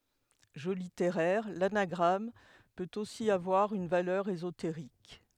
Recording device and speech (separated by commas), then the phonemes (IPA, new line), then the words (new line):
headset microphone, read sentence
ʒø liteʁɛʁ lanaɡʁam pøt osi avwaʁ yn valœʁ ezoteʁik
Jeu littéraire, l'anagramme peut aussi avoir une valeur ésotérique.